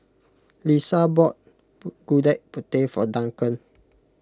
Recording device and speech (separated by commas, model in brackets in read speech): close-talking microphone (WH20), read sentence